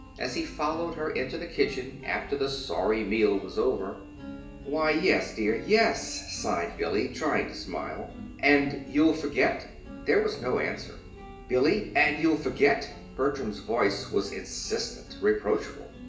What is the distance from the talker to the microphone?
1.8 m.